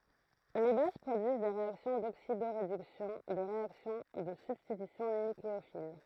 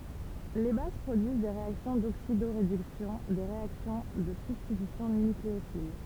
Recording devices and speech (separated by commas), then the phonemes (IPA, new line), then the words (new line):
throat microphone, temple vibration pickup, read sentence
le baz pʁodyiz de ʁeaksjɔ̃ doksidoʁedyksjɔ̃ de ʁeaksjɔ̃ də sybstitysjɔ̃ nykleofil
Les bases produisent des réactions d'oxydoréduction, des réactions de substitution nucléophile…